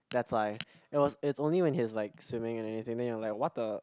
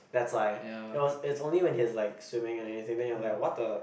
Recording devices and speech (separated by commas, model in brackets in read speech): close-talking microphone, boundary microphone, conversation in the same room